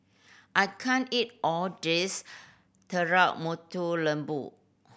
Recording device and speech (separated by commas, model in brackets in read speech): boundary microphone (BM630), read sentence